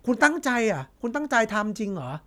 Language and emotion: Thai, frustrated